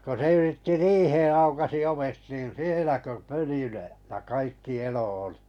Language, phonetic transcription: Finnish, ko se 'yritti "riihee aukasi 'ovet 'niin "sielä kö "pöly (löi) , ja 'kaikki 'elo ᴏʟɪ .
- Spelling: kun se yritti riiheen aukaisi ovet niin siellä kun pöly löi ja kaikki elo oli

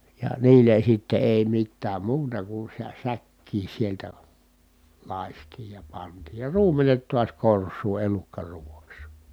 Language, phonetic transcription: Finnish, ja niilen̬ sitte èi mittääm muuta ku sä- , säkkiin̬ sieltä , làistiij ja pantiij ja ruumenet tuas kors̀uu elukkaruuvaks .
- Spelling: ja niille sitten ei mitään muuta kuin - säkkiin sieltä lakaistiin ja pantiin ja ruumenet taas korsuun elukkaruuaksi

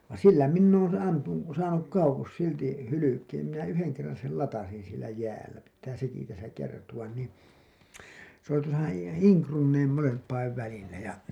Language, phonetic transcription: Finnish, van̬ "sillä 'minn ‿oon 'ampu- , 'saanuk 'kauwos silti , 'hylykeem minä 'yheŋ kerran̬ sel 'latasin sielä 'jäällä , pittää 'seki täsä 'kertuwan nii , s ‿oli tuosa , 'Iiŋ Krunneim 'molemp̀aiv välillä ja .
- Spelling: vaan sillä minä olen - saanut kauas silti hylkeen minä yhden kerran sen latasin siellä jäällä pitää sekin tässä kertoa niin se oli tuossa Iin Krunnien molempien välillä ja

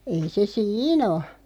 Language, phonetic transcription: Finnish, 'ei 'se "siin ‿o .
- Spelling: ei se siinä ole

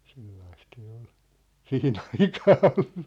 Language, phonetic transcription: Finnish, 'sellaist se ol , "sihi'n ‿aikaa 'ollu .
- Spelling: sellaista se oli siihen aikaa ollut

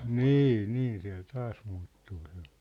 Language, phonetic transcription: Finnish, nii , 'nii siä̭l 'taas muuttuu sᴇ .
- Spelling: niin niin siellä taas muuttuu se

